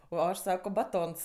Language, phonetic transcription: Lithuanian, o ˈaš ˈsako baˈtons

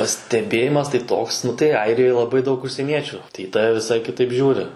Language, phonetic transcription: Lithuanian, pasteˈbėjimas tai ˈtoks ˈnu tai ˈairijoj laˈbai daˈug užsieˈniečiu tai i ˈtave viˈsai kiˈtaip ˈžiūri

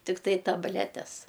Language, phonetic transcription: Lithuanian, tikˈtai tabˈletes

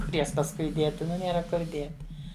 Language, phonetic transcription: Lithuanian, ˈkur ˈjas pasˈkui ˈdieti ˈnu ˈnėra ˈkur ˈdieti

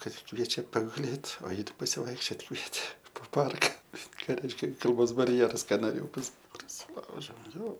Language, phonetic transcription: Lithuanian, ˈkad ˈkviečia paguˈlėt o ˈji ˈtik pasivaikšˈčiot ˈkvietė po ˈparka ˈką ˈreiškia kalˈbos barˈjeras ˈka noˈrėjau pasa prasiˈlaužiau jo

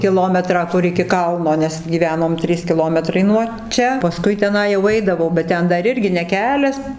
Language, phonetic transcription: Lithuanian, kiˈlometrą ˈkur iki ˈkalno ˈnes gyˈvenom ˈtrys kiˈlometrai nuo ˈčia paˈskui teˈnai jau ˈaidavau bet ˈten ˈdar ˈirgi ne ˈkelias

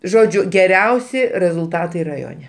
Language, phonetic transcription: Lithuanian, ˈžodžiu geˈriausi rezulˈtatai raˈjone

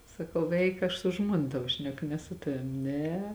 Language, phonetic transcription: Lithuanian, saˈkau ˈeik ˈaš su ˈžmuona ˈtavo ˈšneku ne su ˈtavim ˈne

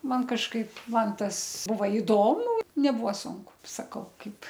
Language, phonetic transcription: Lithuanian, ˈman kažˈkaip ˈman ˈtas ˈbuva iˈdomu neˈbuo ˈsunku saˈkau ˈkaip

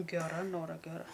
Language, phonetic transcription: Lithuanian, geˈra ˈnora geˈra

